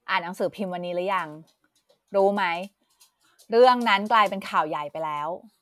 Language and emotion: Thai, frustrated